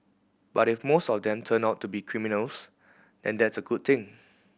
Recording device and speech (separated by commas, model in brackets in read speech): boundary microphone (BM630), read sentence